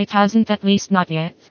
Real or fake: fake